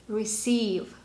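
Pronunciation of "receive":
'Receive' is pronounced correctly here, with the stress at the end and a long second e.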